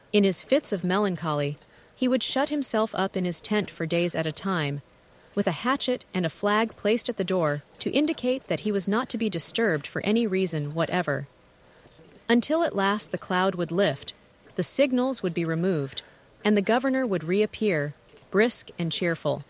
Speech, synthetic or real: synthetic